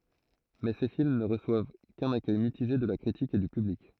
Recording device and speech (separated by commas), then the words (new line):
throat microphone, read sentence
Mais ces films ne reçoivent qu'un accueil mitigé de la critique et du public.